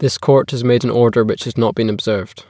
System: none